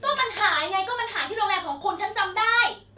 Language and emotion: Thai, angry